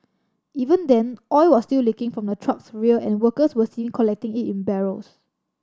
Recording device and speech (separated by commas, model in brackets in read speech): standing microphone (AKG C214), read sentence